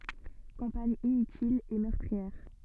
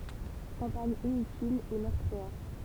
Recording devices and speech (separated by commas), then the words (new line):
soft in-ear microphone, temple vibration pickup, read sentence
Campagne inutile et meurtrière.